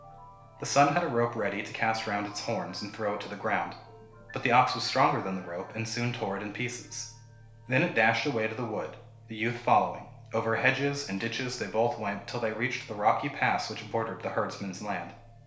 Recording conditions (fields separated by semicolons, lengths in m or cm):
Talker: one person; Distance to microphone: 1.0 m; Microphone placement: close; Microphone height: 1.1 m; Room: small (3.7 m by 2.7 m); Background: music